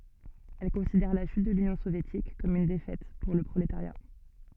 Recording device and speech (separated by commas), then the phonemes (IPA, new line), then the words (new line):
soft in-ear microphone, read sentence
ɛl kɔ̃sidɛʁ la ʃyt də lynjɔ̃ sovjetik kɔm yn defɛt puʁ lə pʁoletaʁja
Elle considère la chute de l'Union soviétique comme une défaite pour le prolétariat.